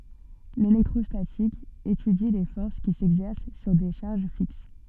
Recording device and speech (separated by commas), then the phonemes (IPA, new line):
soft in-ear microphone, read sentence
lelɛktʁɔstatik etydi le fɔʁs ki sɛɡzɛʁs syʁ de ʃaʁʒ fiks